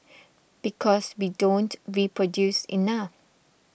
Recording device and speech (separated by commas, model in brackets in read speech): boundary microphone (BM630), read sentence